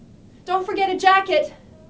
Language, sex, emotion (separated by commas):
English, female, neutral